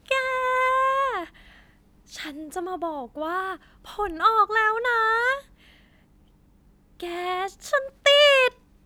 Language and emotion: Thai, happy